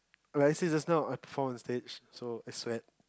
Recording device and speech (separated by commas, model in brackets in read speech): close-talking microphone, conversation in the same room